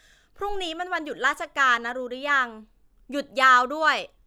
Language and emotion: Thai, frustrated